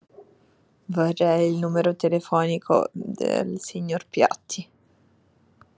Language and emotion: Italian, disgusted